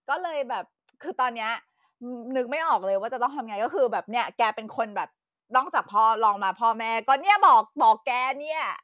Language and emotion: Thai, happy